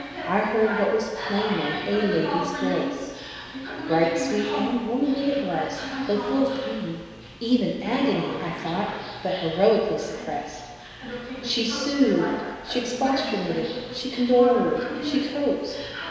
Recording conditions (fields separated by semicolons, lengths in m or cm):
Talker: one person; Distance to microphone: 1.7 m; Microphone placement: close; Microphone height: 1.0 m; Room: very reverberant, large; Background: television